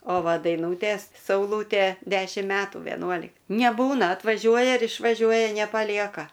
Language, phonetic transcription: Lithuanian, o ˈva daiˈnūtės sauˈlūtė ˈdešim ˈmetų veˈnuolik neˈbūna atvaˈžiuoja ir išvaˈžiuoja nepaˈlieka

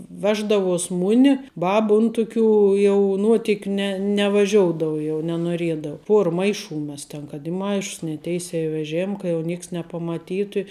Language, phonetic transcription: Lithuanian, ˈveždavuos ˈmuni ˈbaba ˈun tuˌkių jau ˈnuotikiu ne nevaˈžioudou jau nenuoˈriedau ˈpuor ˈmaiˌšų ˈmes ten kad i ˈmaišs ne ˈteisē i veˈžėm ka jau ˈnėks nepamaˈtytu i

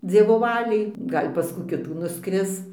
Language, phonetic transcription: Lithuanian, ˈdzievo ˈvaliai ˈgal' pas ˈkų ˈkitų nuˈskris

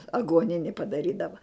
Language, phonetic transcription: Lithuanian, aguoˈnini padaˈrydava

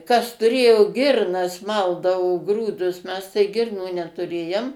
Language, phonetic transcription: Lithuanian, kas tuˈrėjo ˈgirnas ˈmaldavo ˈgrūdus mes tai ˈgirnų netuˈrėjom

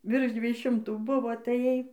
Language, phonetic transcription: Lithuanian, virš ˈdviej ˈšimtų ˈbuvo ataˈjai

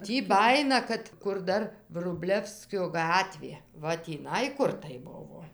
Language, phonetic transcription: Lithuanian, ˈtį ˈbajina ˈkad kur ˈdar vruˈblevskio ˈgatvė ˈva tįˈnai ˈkur tai ˈbuvo

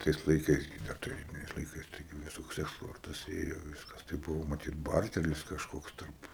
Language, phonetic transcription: Lithuanian, ˈtais laiˈkais gi ˈdar taˈrybiniais laiˈkais taiˈgi viˈsoks eksˈportas ˈėjo ˈviskas tai ˈbuvo maˈtyt ˈbartelis kažˈkoks ˈtarp

